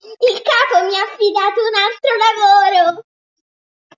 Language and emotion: Italian, happy